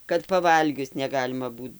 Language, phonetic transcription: Lithuanian, kad paˈvalgius neˈgalima ˈbūt

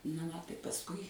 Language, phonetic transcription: Lithuanian, na ˈva ˈtai pasˈkui

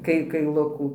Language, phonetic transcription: Lithuanian, ˈkai kaiˈlukų

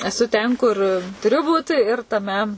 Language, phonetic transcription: Lithuanian, eˈsu ten kur tuˈriu ˈbūt ir taˈme

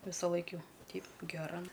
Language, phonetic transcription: Lithuanian, visaˈlaik ˈjau ˈteip geˈra

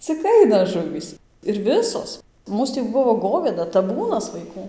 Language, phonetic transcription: Lithuanian, cik ˈaina ˈžuvys ir ˈvisos ˈmūs tį ˈbuvo ˈgovėda taˈbūnas vaiˈkų

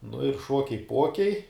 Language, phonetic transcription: Lithuanian, nu ir ˈšokiai ˈpokiai

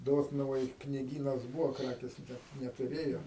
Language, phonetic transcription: Lithuanian, ˈdotnuvoj kniˈgynas ˈbūvo ˈkrakės ˈnet netuˈrėjo

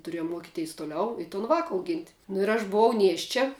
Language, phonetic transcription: Lithuanian, tuˈriejum ˈmuokiteis tuˈliau i ton ˈvāka auˈgint' nu ir aš buˈvau ˈnieščia

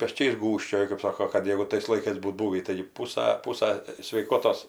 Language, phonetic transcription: Lithuanian, peˈčiais ˈgūžčioju kɜp ˈsoko kad ˈjegu tais laiˈkais ˈbūt ˈbūvį tai ˈpūsa ˈpūsa sveiˈkotos

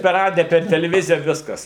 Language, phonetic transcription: Lithuanian, per ˈradija per teleˈvizija ˈviskas

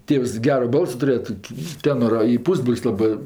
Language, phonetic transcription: Lithuanian, ˈtėvs ˈgero ˈbalso tuˈrėja ˈtoki ˈtėnora i ˈpūsbrol's' ˈlabɜ

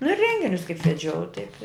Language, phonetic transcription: Lithuanian, nu ir ˈrenginius kaip veˈdžiau taip i

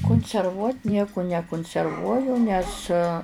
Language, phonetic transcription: Lithuanian, kunserˈvuot' ˈnieku nekunserˈvuoju nes

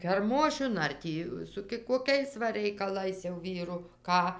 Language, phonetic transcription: Lithuanian, kerˈmošiun ar ˈtį su koˈkiais va reikaˈlais jau ˈvyru ˈką

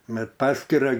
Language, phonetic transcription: Lithuanian, ˈbet ˈpaskira

